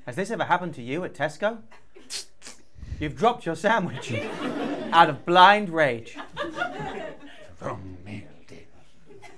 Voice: infomercial voice